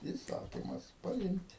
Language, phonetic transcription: Lithuanian, įˈsakimas paˈimt'

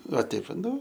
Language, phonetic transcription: Lithuanian, va ˈteip va ˈnu

